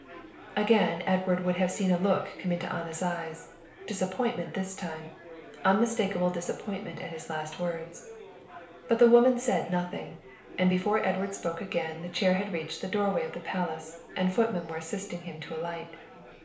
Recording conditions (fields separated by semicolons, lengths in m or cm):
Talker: one person; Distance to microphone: 1.0 m; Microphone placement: close; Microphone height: 1.1 m; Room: small (3.7 m by 2.7 m); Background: babble